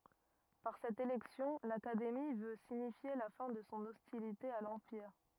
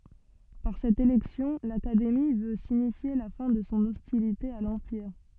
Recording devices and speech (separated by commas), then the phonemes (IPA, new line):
rigid in-ear microphone, soft in-ear microphone, read sentence
paʁ sɛt elɛksjɔ̃ lakademi vø siɲifje la fɛ̃ də sɔ̃ ɔstilite a lɑ̃piʁ